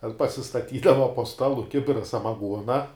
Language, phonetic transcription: Lithuanian, ten pasistaˈtydava po ˈstalu ˈkibira samaˈguona

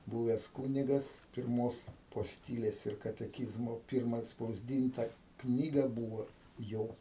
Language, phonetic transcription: Lithuanian, ˈbūves ˈkūnigas pirˈmos posˈtylės ir kateˈkyzmo ˈpirma atspausˈdynta ˈknyga ˈbūvo ˈjo

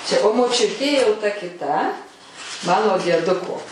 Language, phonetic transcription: Lithuanian, čia o moˈčiutė jau ta kiˈta ˈmano dieˈduko

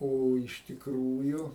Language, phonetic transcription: Lithuanian, ˈo iš tikˈrųju

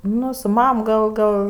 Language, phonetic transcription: Lithuanian, ˈnu su ˈmam gal ˈgal

